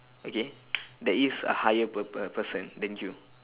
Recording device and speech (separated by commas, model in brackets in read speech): telephone, conversation in separate rooms